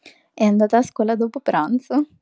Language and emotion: Italian, happy